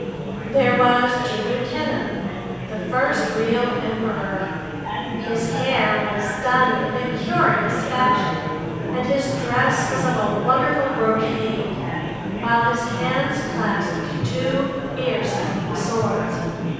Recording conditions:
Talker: one person; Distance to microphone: 7.1 m; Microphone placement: far; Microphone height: 1.7 m; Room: very reverberant, large; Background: babble

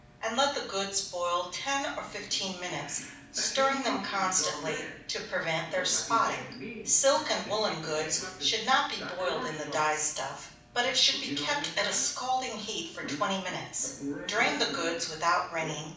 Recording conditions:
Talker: one person; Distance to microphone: 5.8 m; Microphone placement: far; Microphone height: 1.8 m; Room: medium-sized (5.7 m by 4.0 m); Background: television

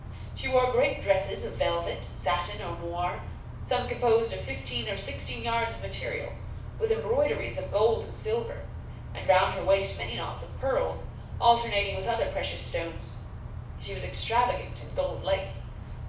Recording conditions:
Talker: one person; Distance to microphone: 5.8 m; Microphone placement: far; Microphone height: 1.8 m; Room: medium-sized (5.7 m by 4.0 m); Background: none

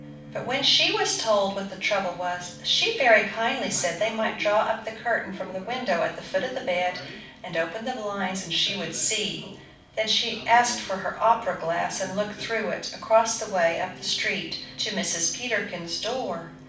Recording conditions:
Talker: one person; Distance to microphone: 5.8 m; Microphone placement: far; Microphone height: 1.8 m; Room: medium-sized (5.7 m by 4.0 m); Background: television

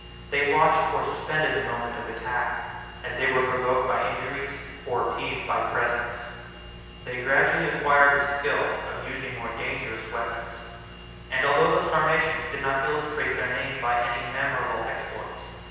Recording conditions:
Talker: one person; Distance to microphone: 7.1 m; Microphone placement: far; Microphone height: 1.7 m; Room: very reverberant, large; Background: none

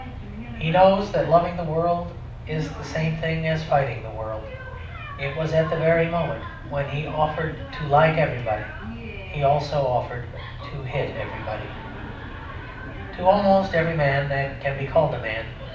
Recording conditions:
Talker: one person; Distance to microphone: 5.8 m; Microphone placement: far; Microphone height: 1.8 m; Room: medium-sized (5.7 m by 4.0 m); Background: television

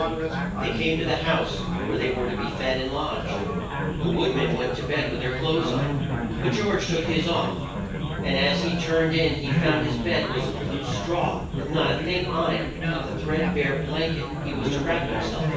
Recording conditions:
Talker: one person; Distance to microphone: 9.8 m; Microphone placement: far; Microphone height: 1.8 m; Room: large; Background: babble

